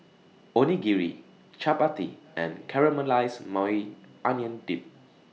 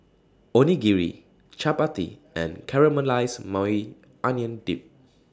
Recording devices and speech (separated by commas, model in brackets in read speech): mobile phone (iPhone 6), standing microphone (AKG C214), read sentence